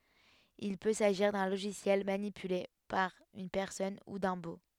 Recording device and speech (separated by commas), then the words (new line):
headset microphone, read sentence
Il peut s'agir d'un logiciel manipulé par une personne, ou d'un bot.